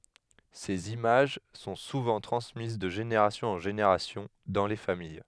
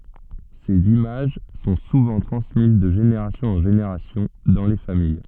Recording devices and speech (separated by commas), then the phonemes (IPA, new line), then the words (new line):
headset microphone, soft in-ear microphone, read sentence
sez imaʒ sɔ̃ suvɑ̃ tʁɑ̃smiz də ʒeneʁasjɔ̃z ɑ̃ ʒeneʁasjɔ̃ dɑ̃ le famij
Ces images sont souvent transmises de générations en générations dans les familles.